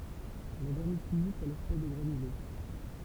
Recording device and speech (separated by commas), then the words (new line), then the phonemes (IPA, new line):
temple vibration pickup, read sentence
La vermiculite a l’aspect de granulés.
la vɛʁmikylit a laspɛkt də ɡʁanyle